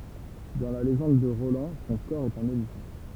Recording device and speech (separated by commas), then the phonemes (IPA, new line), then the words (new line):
temple vibration pickup, read sentence
dɑ̃ la leʒɑ̃d də ʁolɑ̃ sɔ̃ kɔʁ ɛt œ̃n olifɑ̃
Dans la légende de Roland son cor est un olifant.